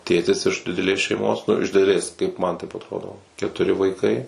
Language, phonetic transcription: Lithuanian, ˈtėtis iš dideˈlės šeiˈmos nu iš dideˈlės kaip man taip atˈrodo ketuˈri vaiˈkai

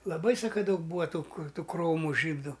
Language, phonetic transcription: Lithuanian, laˈbai ˈsaka ˈdaug ˈbūva ˈtų ˈkur ˈtų kromu ˈžydu

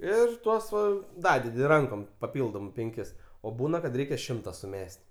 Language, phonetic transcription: Lithuanian, ˈir ˈtuos ˈva ˈdadedi ˈrankom paˈpildom penˈkis o ˈbūna kad ˈreikia ˈšimta suˈmes't'

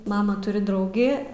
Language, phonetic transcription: Lithuanian, ˈmama ˈturi ˈdraugi

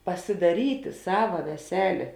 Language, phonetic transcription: Lithuanian, pasidaˈryti ˈsava veˈselė

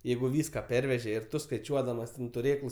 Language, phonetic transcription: Lithuanian, ˈjeigu ˈvyska ˈperveže ir ˈtu skaiˈčiuodamas ten tuˈrėklus

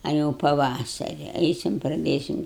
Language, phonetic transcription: Lithuanian, a jau paˈvasari ˈeisim praˈdėsim

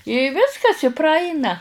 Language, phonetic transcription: Lithuanian, i ˈviskas i praˈaina

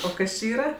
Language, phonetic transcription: Lithuanian, o ˈkas či ˈyra

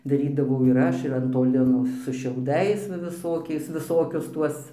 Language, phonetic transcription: Lithuanian, daˈrydavau ir ˈaš ir an ˈto ˈlino su šiauˈdais va viˈsokiais viˈsokius ˈtuos

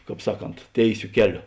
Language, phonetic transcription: Lithuanian, ˈkāp ˈsaˌkont ˈtėiˌsio ˈkeˌlio

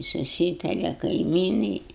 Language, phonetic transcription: Lithuanian, suˈsytare kaiˈmynai

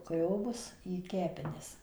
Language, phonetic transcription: Lithuanian, ˈgriobus į ˈkepenis

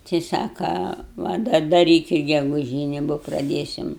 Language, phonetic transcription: Lithuanian, tai ˈsaka ˈva dar daˈrykit geguˈžyni bo praˈdėsim

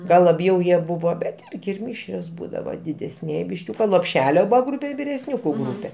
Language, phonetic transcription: Lithuanian, ˈgal laˈbjau ˈjie ˈbuvo bet ˈirgi ir ˈmišrios ˈbūdava didesˈniej bišˈkiūka lopˈšelio ˈbūva ˈgrūpe ir viresˈniūku ˈgrūpe

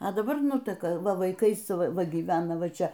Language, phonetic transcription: Lithuanian, a daˈbar ˈnuteka ˈva vaiˈkais ˈva gyˈvena ˈva ˈčia

